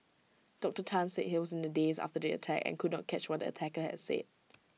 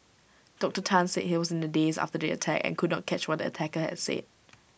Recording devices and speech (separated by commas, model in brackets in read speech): mobile phone (iPhone 6), boundary microphone (BM630), read sentence